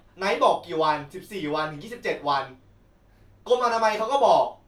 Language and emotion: Thai, angry